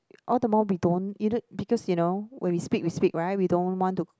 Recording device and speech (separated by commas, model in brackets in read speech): close-talking microphone, conversation in the same room